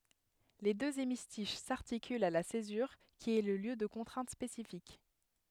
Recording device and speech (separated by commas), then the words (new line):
headset microphone, read sentence
Les deux hémistiches s'articulent à la césure, qui est le lieu de contraintes spécifiques.